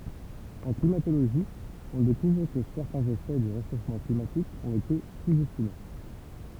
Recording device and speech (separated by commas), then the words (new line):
temple vibration pickup, read sentence
En climatologie, on découvre que certains effets du réchauffement climatique ont été sous-estimés.